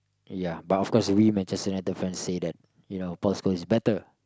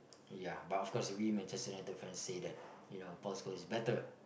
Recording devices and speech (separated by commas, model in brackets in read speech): close-talking microphone, boundary microphone, conversation in the same room